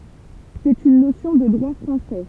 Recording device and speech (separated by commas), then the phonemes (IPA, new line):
temple vibration pickup, read sentence
sɛt yn nosjɔ̃ də dʁwa fʁɑ̃sɛ